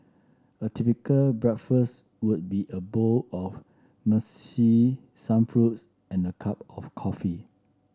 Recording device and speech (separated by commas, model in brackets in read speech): standing microphone (AKG C214), read sentence